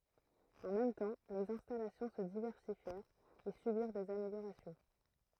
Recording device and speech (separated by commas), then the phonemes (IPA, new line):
throat microphone, read sentence
ɑ̃ mɛm tɑ̃ lez ɛ̃stalasjɔ̃ sə divɛʁsifjɛʁt e sybiʁ dez ameljoʁasjɔ̃